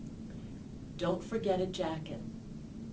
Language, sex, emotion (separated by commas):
English, female, neutral